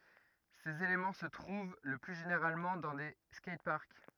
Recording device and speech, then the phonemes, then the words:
rigid in-ear microphone, read sentence
sez elemɑ̃ sə tʁuv lə ply ʒeneʁalmɑ̃ dɑ̃ de skɛjtpaʁk
Ces éléments se trouvent le plus généralement dans des skateparks.

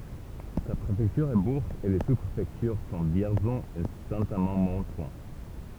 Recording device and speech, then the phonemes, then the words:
temple vibration pickup, read sentence
sa pʁefɛktyʁ ɛ buʁʒz e le su pʁefɛktyʁ sɔ̃ vjɛʁzɔ̃ e sɛ̃ amɑ̃ mɔ̃tʁɔ̃
Sa préfecture est Bourges et les sous-préfectures sont Vierzon et Saint-Amand-Montrond.

